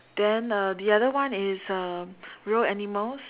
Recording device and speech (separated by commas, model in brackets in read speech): telephone, conversation in separate rooms